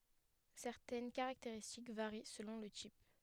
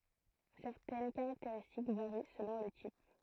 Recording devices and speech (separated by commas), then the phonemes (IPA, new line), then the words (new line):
headset microphone, throat microphone, read sentence
sɛʁtɛn kaʁakteʁistik vaʁi səlɔ̃ lə tip
Certaines caractéristiques varient selon le type.